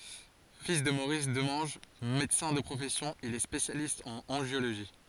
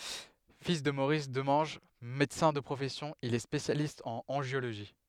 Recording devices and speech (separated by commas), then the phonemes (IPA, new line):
forehead accelerometer, headset microphone, read sentence
fil də moʁis dəmɑ̃ʒ medəsɛ̃ də pʁofɛsjɔ̃ il ɛ spesjalist ɑ̃n ɑ̃ʒjoloʒi